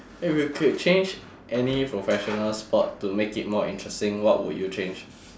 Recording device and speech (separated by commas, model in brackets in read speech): standing microphone, conversation in separate rooms